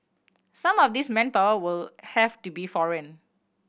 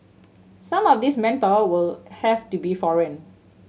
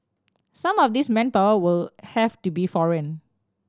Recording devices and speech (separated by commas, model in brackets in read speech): boundary microphone (BM630), mobile phone (Samsung C7100), standing microphone (AKG C214), read sentence